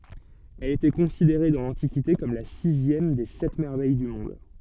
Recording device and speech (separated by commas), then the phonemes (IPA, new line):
soft in-ear microphone, read sentence
ɛl etɛ kɔ̃sideʁe dɑ̃ lɑ̃tikite kɔm la sizjɛm de sɛt mɛʁvɛj dy mɔ̃d